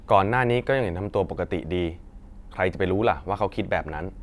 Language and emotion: Thai, neutral